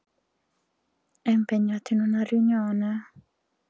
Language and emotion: Italian, sad